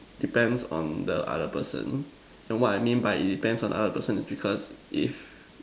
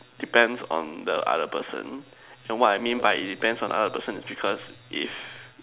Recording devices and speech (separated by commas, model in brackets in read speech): standing microphone, telephone, conversation in separate rooms